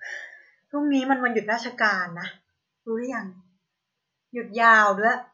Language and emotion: Thai, frustrated